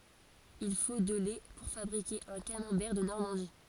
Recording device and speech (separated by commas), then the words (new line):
forehead accelerometer, read sentence
Il faut de lait pour fabriquer un camembert de Normandie.